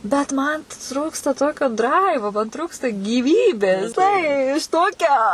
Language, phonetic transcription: Lithuanian, bet ˈman ˈtrūksta ˈtokio (ˈdraivo) man ˈtrūksta gyˈvybės ˈtai aš ˈtokia

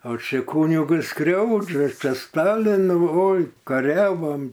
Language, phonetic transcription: Lithuanian, o ˈčia ˈkūnigus ˈskriaudžia ˈčia ˈstalinu oi kaˈriavom

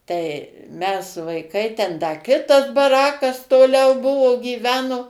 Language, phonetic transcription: Lithuanian, tai mes vaiˈkai ten da ˈkitas baˈrakas toˈliau ˈbuvo gyˈveno

